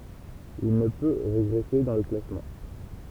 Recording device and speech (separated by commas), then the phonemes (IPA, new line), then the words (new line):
temple vibration pickup, read sentence
il nə pø ʁeɡʁɛse dɑ̃ lə klasmɑ̃
Il ne peut régresser dans le classement.